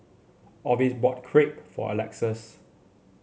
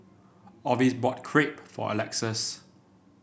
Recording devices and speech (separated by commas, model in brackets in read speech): mobile phone (Samsung C7), boundary microphone (BM630), read sentence